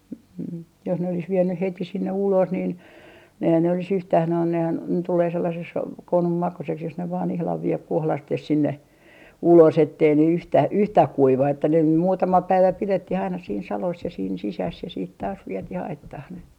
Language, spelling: Finnish, - - jos ne olisi vienyt heti sinne ulos niin eihän ne olisi yhtään nehän nehän tulee sellaiseksi konun makuiseksi jos ne vain ihan vie kohdasteen sinne ulos että ei ne yhtään yhtään kuiva että ne muutama päivä pidettiin aina siinä salossa ja siinä sisässä ja sitten taas vietiin aittaan ne
- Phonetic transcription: h - h- , jos ne olis 'viennyh "heti 'sinne "ulos nin , eihän ne olis 'yhtäh 'nohan 'nehän , 'tulee 'sellases , "konum 'makuseks jos ne vaan 'ihlav 'vie , "kohlastes 'sinne , "ulos ettei ne 'yhtä , "yhtäh 'kuiva että ne 'muutama 'päivä "pilettih aina siin 'salos ja siin 'sisäs ja siit taas 'vietih 'aittah ne .

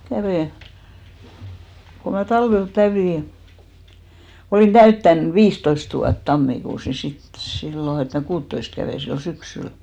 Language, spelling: Finnish, kävin kun minä talvella täytin olin täyttänyt viisitoista vuotta tammikuussa niin sitten silloin että minä kuuttatoista kävin silloin syksyllä
- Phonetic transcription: 'kävè , ku mä 'talvel 'tä(yti) , olìn "täyttän "viistoist vuat 'tammikuus ni sit , 'sillo et mä "kuuttoist kävè sillo "syksyl .

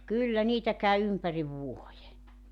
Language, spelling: Finnish, kyllä niitä kävi ympäri vuoden
- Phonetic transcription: 'kyllä 'niitä käy 'ympäriv "vuoje .

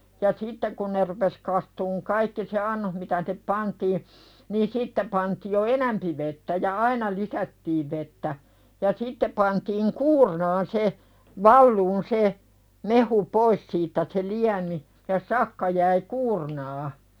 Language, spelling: Finnish, ja sitten kun ne rupesi kastumaan kaikki se annos mitä sinne pantiin niin sitten pantiin jo enempi vettä ja aina lisättiin vettä ja sitten pantiin kuurnaan se valumaan se mehu pois siitä se liemi ja sakka jäi kuurnaan
- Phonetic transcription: ja 'sitte kun ne rupes kastuuŋ 'kaikki se "annoh mitä (sinep) "pantii , nii 'sitte pantii jo "enämpi vettä ja "aina 'Iisättiiv vettä , ja 'sitte pantiiŋ "kuurnaan 'se , "valluun 'se , mehu "pois siittä se "liämi , ja 'sakka jäi "kuurnaa .

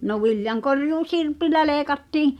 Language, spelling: Finnish, no viljankorjuu sirpillä leikattiin
- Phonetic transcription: no 'viljaŋ'korjuu "sirpillä "leekattiii̬ ,.

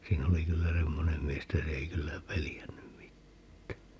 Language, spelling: Finnish, siinä oli kyllä semmoinen mies että se ei kyllä pelännyt mitään
- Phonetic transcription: 'siin ‿oli 'kyllä "semmonem mies [et]tä 'se ei 'kyllä "pelijännym 'mittää .

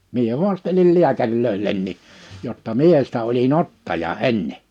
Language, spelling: Finnish, minä haastelin lääkäreille jotta minä sitä olin ottaja ennen
- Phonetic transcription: mie 'huastelil 'liäkäŕlöil̆lenni , jotta "mie sᴵtä oli"n ‿ottaja "enne .

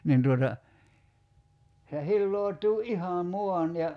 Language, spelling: Finnish, niin tuota se hilautuu ihan maan ja
- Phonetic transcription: nin tuota , se 'hilloo̭t̀uu "’iha 'muan ja ,.

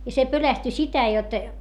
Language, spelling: Finnish, ja se pelästyi sitä jotta
- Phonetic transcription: ja se pölästy sitä jot ,.

